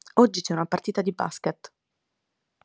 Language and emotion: Italian, neutral